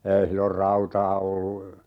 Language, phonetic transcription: Finnish, 'ei sillor "rautaa 'ollu ,.
- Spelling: ei silloin rautaa ollut

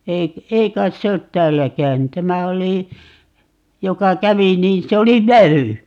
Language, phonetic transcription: Finnish, 'eik- , "ei 'kait 'se ot "täällä 'käyny - 'tämä oli , 'joka "kävi 'niin "se 'oli "väʷy .
- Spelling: - ei kai se ole täällä käynyt tämä oli joka kävi niin se oli vävy

